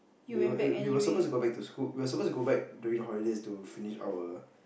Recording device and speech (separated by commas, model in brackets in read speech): boundary microphone, conversation in the same room